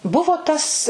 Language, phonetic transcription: Lithuanian, ˈbuvo ˈtas

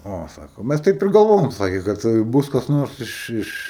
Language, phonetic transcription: Lithuanian, ˈo ˈsako ˈmæs taip ir galˈvojom ˈsakė kad ˈbus kas ˈnors ˈiš ˈiš

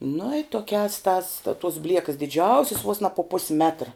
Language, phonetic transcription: Lithuanian, nu i ˈtokiās tās ta tos ˈbliekas diˈdžiausis vos na pu ˈpusi ˈmetra

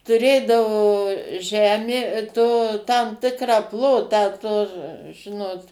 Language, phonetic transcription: Lithuanian, tuˈrėdavo ˈžemė to tam ˈtikrą ˈplotą to ˈžinot

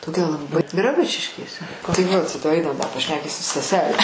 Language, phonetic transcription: Lithuanian, toˈkia laˈbɨ graˈbučiškėse tai vat ˈainam da pašˈnekysi staˈsele

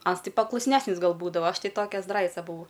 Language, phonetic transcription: Lithuanian, ˈans ˈtai paklusˈnesnis ˈgal ˈbūdava ˈaš ˈtai ˈtokia ˈzdraica buˈvau

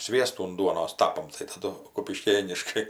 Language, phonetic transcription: Lithuanian, ˈsviestų un ˈduonos ˈtapam tai taˈdu kupiˈškėniškai

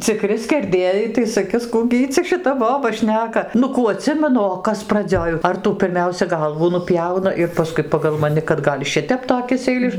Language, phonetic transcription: Lithuanian, ciˈkri skerˈdėjai tai saˈkis ˈkų gi ˈy cia šiˈta ˈboba ˈšneka ˈnu ˈkų aˈtsimenu o ˈkas praˈdzioj ar ˈtų pirˈmiausia ˈgalvų nuˈpjauna ir paˈskui pagal maˈni kad ˈgal' ˈšitep toˈkis eiˈliš

